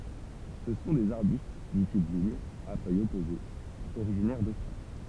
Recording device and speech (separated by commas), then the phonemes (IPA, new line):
temple vibration pickup, read sentence
sə sɔ̃ dez aʁbyst dy tip viɲ a fœjz ɔpozez oʁiʒinɛʁ dostʁali